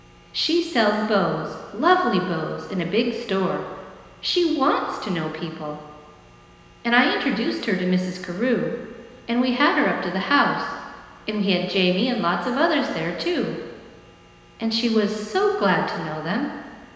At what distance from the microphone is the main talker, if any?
1.7 m.